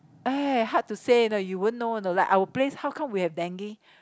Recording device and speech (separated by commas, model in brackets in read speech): close-talking microphone, conversation in the same room